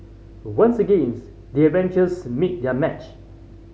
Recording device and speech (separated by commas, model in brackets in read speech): mobile phone (Samsung C5010), read sentence